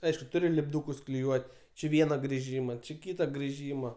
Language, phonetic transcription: Lithuanian, ˈaišku ˈturi lipˈdūkus kliˈjuot' či ˈviena griˈžyma či ˈkyta griˈžyma

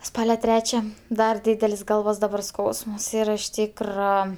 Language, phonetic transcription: Lithuanian, ˈspale ˈtrečia ˈdar ˈdydel's' ˈgalvos daˈbar ˈskausmas ˈyra iš ˈtykro

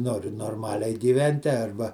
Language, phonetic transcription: Lithuanian, ˈnori norˈmaliai gyˈventi ˈarba

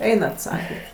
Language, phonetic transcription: Lithuanian, ˈeinat ˈsaket'

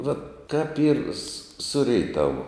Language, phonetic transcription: Lithuanian, vat kap yr s ˈsu reiˈtavu

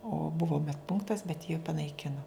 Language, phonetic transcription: Lithuanian, o ˈbuvo med ˈpunktas bet jį panaiˈkino

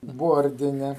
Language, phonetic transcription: Lithuanian, ˈbordine

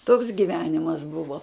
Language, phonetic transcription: Lithuanian, toks gyˈvenimas ˈbuvo

